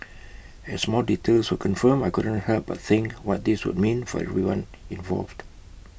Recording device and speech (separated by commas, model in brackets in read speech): boundary microphone (BM630), read sentence